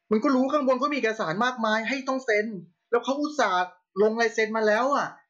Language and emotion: Thai, angry